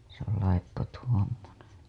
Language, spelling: Finnish, se on laippo tuommoinen
- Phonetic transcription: se ‿ol laippo 'tuommoneḛ .

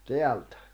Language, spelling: Finnish, täältä
- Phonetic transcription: teältᴀ̈ .

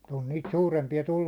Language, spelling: Finnish, on niitä suurempia tullut
- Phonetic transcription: on niit 'suurempi₍a 'tullum .

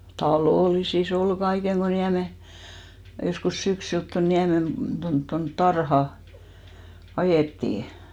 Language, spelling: Finnish, talollisissa oli kaiken kun Niemen joskus syksyllä tuonne Niemen tuonne tuonne tarhaan ajettiin
- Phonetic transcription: "talòlisi's ‿ol 'ɢaiheŋ ɢo 'Niäme , joskus 'syksylt ton 'Niämen tont tont "tarha , 'ajèttì .

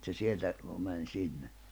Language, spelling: Finnish, että se sieltä meni sinne
- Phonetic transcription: et se 'sieltä , mäń 'sinne .

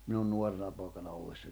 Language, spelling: Finnish, minun nuorena poikana ollessani
- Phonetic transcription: minun 'nuorena pòekana 'ollessań .

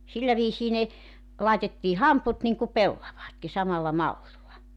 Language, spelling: Finnish, sillä viisiin ne laitettiin hamput niin kuin pellavatkin samalla mallilla
- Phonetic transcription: 'sillä viisii ne , 'laetettii "hamput niŋku "pellavaatki 'samalla 'mallilla .

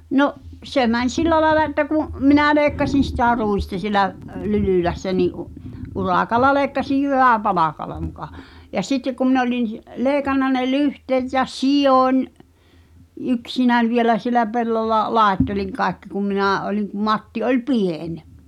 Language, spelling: Finnish, no se meni sillä lailla että kun minä leikkasin sitä ruista siellä Lylylässä niin - urakalla leikkasin jyväpalkalla muka ja sitten kun minä olin leikannut ne lyhteet ja sidoin yksinäni vielä siellä pellolla laittelin kaikki kun minä olin kun Matti oli pieni
- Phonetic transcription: 'no’ , 'se mäń "sil̆lä laĕla että ku’ , 'minä̀ "leekkasin̬ sitä̀ 'ruista sielä’ , "Lylỳlässä ni’ u- , 'uràkal̆la leekkasij "jyvä̀'palakala muka , ja 'sittek kum min ‿oĺin , 'leeⁱkanna ne "lyhteet ja "sijoń , 'yksinän̬ vielä sielä 'pellolla , "làetteliŋ 'kaaᵉkki kum 'minä̀ ’oliŋ kum 'Matti oĺ "pien ,.

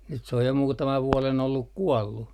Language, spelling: Finnish, nyt se on jo muutaman vuoden ollut kuollut
- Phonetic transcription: nyt se oj jo 'muutamav 'vuɔlen olluk 'kuɔllu .

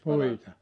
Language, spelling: Finnish, puita
- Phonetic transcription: 'puita ?

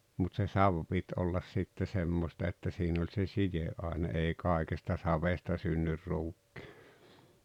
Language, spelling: Finnish, mutta se savi piti olla sitten semmoista että siinä oli se sideaine - ei kaikesta savesta synny ruukki
- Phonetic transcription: mut se "sav pit ollas sitte 'semmosta että 'siin ‿oĺ se "sije’ ’àe-ne èi "kàikesta 'savesta synnyr 'ruukkɪ .

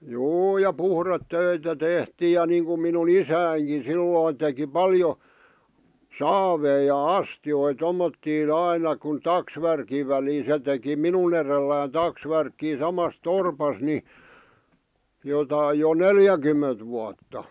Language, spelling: Finnish, juu ja puhdetöitä tehtiin ja niin kuin minun isänikin silloin teki paljon saaveja ja astioita tuommottoon aina kun taksvärkin väli se teki minun edelläni taksvärkkiä samassa torpassa niin jotakin jo neljäkymmentä vuotta
- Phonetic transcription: juu ja 'puhret"töitä 'tehtiij ja niiŋkum minu"n ‿isääŋkin̬ 'sillòⁱn̆ teki "paljo , "saavei ja "astjoi 'tommottii'n ‿aina kun "taksvärkiv̆ väli se teki "minun ‿erellään 'taksvärkkii 'samas "torpas ni , jotai jo "neljäkymment vuatta .

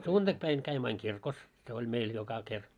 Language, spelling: Finnish, sunnuntaipäivänä kävimme aina kirkossa se oli meillä joka kerta
- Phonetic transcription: 'sùntakpäin käimmö aiŋ "kirkos , se oĺ 'meil 'joka ker .

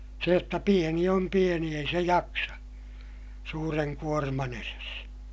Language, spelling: Finnish, se jotta pieni on pieni ei se jaksa suuren kuorman edessä
- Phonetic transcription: se jotta pieni om pieni ei se jaksa , suureŋ kuorman ‿eres .

